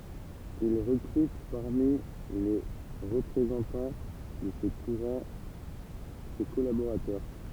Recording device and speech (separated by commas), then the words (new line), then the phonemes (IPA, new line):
temple vibration pickup, read sentence
Il recrute parmi les représentants de ce courant ses collaborateurs.
il ʁəkʁyt paʁmi le ʁəpʁezɑ̃tɑ̃ də sə kuʁɑ̃ se kɔlaboʁatœʁ